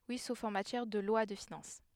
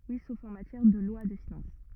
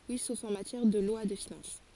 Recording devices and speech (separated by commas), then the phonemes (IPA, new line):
headset microphone, rigid in-ear microphone, forehead accelerometer, read sentence
wi sof ɑ̃ matjɛʁ də lwa də finɑ̃s